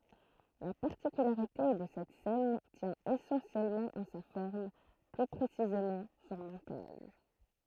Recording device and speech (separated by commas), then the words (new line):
throat microphone, read sentence
La particularité de cette scène tient essentiellement en sa forme, plus précisément son montage.